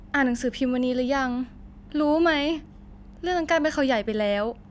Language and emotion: Thai, frustrated